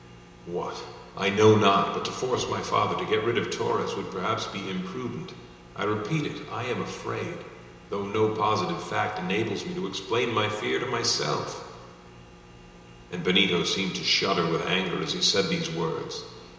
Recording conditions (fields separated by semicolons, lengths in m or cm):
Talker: one person; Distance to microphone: 1.7 m; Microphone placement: close; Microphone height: 1.0 m; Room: very reverberant, large; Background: none